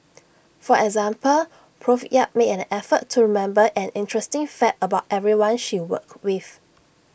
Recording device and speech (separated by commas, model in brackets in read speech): boundary microphone (BM630), read sentence